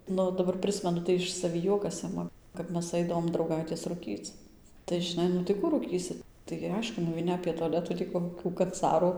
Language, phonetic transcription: Lithuanian, ˈnu daˈbar ˈprɨsmenu tai ˌiš saˈvį ˈjuokas ˈima kap ˈmes ˈaidavom drauˈgaitės ruˈkyc tai žiˈnai nu tai ˈkų rūˈkysi taigi ˈaišku nuveiˈni apė toˈletų tį koˈkių kanˈcarų

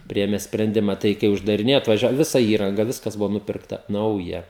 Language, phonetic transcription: Lithuanian, ˈpriėme sprenˈdima ˈtai kai uždariˈnėja atvaˈžia ˈvisa ˈįranga ˈviskas ˈbuvo ˈnupirkta ˈnauja

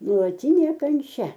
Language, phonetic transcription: Lithuanian, nuolaˈtynė kanˈčia

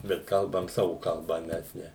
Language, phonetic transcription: Lithuanian, bet ˈkalbam ˈsavu kaˈlba ˈmes ne

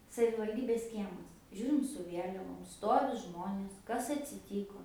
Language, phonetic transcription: Lithuanian, savivalˈdybės ˈkiemas ˈžiūrim su ˈvieliavom ˈstovi ˈžmonės ˈkas atsiˈtyko

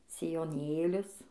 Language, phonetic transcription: Lithuanian, sijoˈnėlius

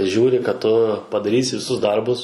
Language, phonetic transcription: Lithuanian, ˈžiūri kad ˈtu padaˈrysi viˈsus ˈdarbus

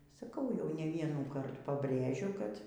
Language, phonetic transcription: Lithuanian, saˈkau jau ne ˈvienųkart pabˈrėžiu kad

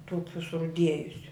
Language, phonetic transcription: Lithuanian, ˈtukių suruˈdiejusiu

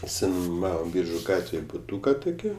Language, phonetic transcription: Lithuanian, išsinuˈmavom ˈbyržu ˈgatvėj buˈtūka tuˈkį

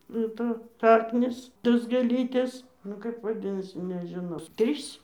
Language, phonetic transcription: Lithuanian, nu ˈtos ˈšaknys ˈtos gėˈlytės ˈnu kaip vaˈdinasi nežiˈnau ˈtrys

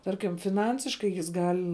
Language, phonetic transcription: Lithuanian, ˈtarkim fiˈnansiškai jis ˈgal'

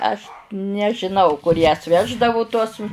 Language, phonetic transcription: Lithuanian, aš nežiˈnau kur jas ˈveždavu tuos

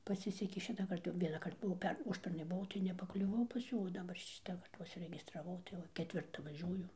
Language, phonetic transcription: Lithuanian, paˈsisekė ˈšitąkart jau vienąˈkart buˈvau ˈper ˈužpernai buˈvau tai nepakliuˈvau pas ˈjų o daˈbar ˈšitakart va užsiregistraˈvau tai ˈva keˈtvirta vaˈžiuoju

